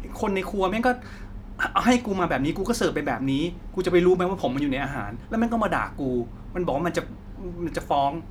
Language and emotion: Thai, angry